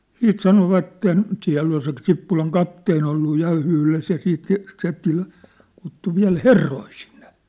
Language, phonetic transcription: Finnish, 'siit sanovatten , 'siä̭ll ‿ol se 'Sippulaŋ 'kapteen‿ ollu 'ja 'yhles ja siit se , se ty- , kuttu viä̭l "herroi sinɴᴇ .
- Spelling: sitten sanoivat siellä oli se Sippulan kapteeni ollut ja yhdessä ja sitten se se - kutsui vielä herroja sinne

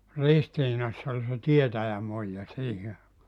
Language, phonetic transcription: Finnish, 'Ristiinass ‿ol se 'tietäjämuijja 'siihi aekaa .
- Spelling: Ristiinassa oli se tietäjämuija siihen aikaan

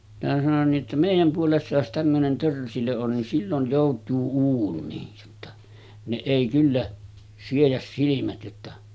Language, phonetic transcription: Finnish, minä sanon nii ‿ttä » 'mèij̆jäm puolessa jos tämmönen 'törsilö on nin sillon̳§ 'jòut̆tuu 'uun̆niij « jotta , » ne 'èi kyllä , 'siejäs 'silimät « jotta ,.
- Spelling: minä sanoin niin että meidän puolessa jos tämmöinen törsilö on niin silloin joutuu uuniin jotta ne ei kyllä siedä silmät jotta

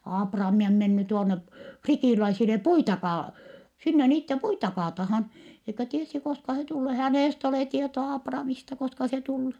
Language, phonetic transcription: Finnish, » Aapraami om menny tuonne , fritìläisile puita kaa- , sinne niitte puita kaatahan , eikä tiesi koska se tullee , hänèst ‿olè tietoa Aapraamista koska se tul(lee) .
- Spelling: Aapraami on mennyt tuonne fritiläisille puita - sinne niiden puita kaatamaan eikä tiesi koska se tulee hänestä ole tietoa Aapramista koska se tulee

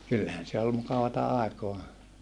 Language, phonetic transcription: Finnish, kyllähän se ol mukavata ài̮koa .
- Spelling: kyllähän se oli mukavaa aikaa

